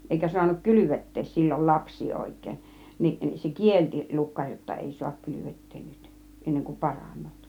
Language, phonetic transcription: Finnish, 'èikä suanuk "kylyvet̀tees 'sil͕l͕ol 'laps̆sii 'òik̆kèin , niˀ ni se "kielti 'lukkaŕ jotta 'èi suak 'kylyvet̀teen nyt , 'enneŋ ku 'paran̆noot .
- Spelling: eikä saanut kylvettää silloin lapsia oikein niin niin se kielsi lukkari jotta ei saa kylvettää nyt ennen kuin paranevat

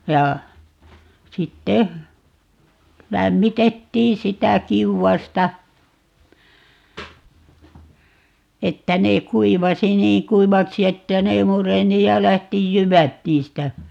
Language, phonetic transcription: Finnish, 'ja , 'sitte , "lämmitettii 'sitä "kiuwasta , 'että 'nee "kuivasi "niiŋ 'kuivaksi 'että ne 'mureni ja 'lähti "jyvät 'niistä .
- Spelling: ja sitten lämmitettiin sitä kiuasta että ne kuivasi niin kuivaksi että ne mureni ja lähti jyvät niistä

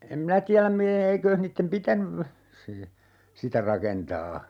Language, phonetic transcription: Finnish, 'em minä "tiäläm mi - 'eeikööh niittem "pitänyv , se , 'sitä "rakentaa .
- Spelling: en minä tiedä - eikös niiden pitänyt se sitä rakentaa

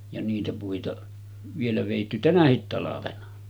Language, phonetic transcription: Finnish, ja niitä puita , 'vielä vèitty "tänähit talavena .
- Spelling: ja niitä puita vielä vedetty tänäkin talvena

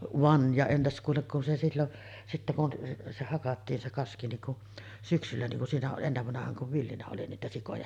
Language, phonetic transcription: Finnish, 'van , ja 'entäs kuulek kun se sillon , 'sittä kun se 'hakattiin se "kaski niŋ ku’ , 'syksyllä niŋ kun 'siinä o-ˀ 'ˀennevvanahaaŋ kuv 'villinä oli niitä 'sikoja .
- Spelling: vaan ja entäs kuule kun se silloin sitten kun se hakattiin se kaski niin kun syksyllä niin kun siinä - ennen vanhaan kun villinä oli niitä sikoja

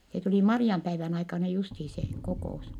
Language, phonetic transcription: Finnish, se tuli Mari₍ampäivän aikana justii se , kokò₍us .
- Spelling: se tuli Marianpäivän aikana justiin se kokous

